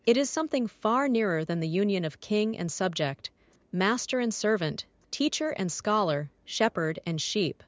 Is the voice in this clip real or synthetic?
synthetic